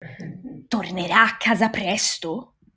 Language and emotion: Italian, surprised